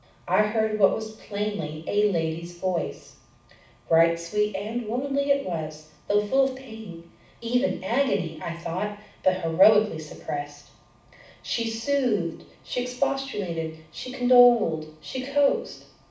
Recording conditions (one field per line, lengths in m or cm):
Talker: one person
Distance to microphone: 5.8 m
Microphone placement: far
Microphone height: 1.8 m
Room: medium-sized (5.7 m by 4.0 m)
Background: none